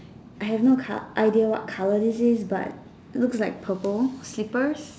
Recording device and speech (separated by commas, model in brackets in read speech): standing microphone, conversation in separate rooms